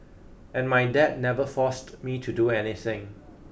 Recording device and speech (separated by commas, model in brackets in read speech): boundary microphone (BM630), read sentence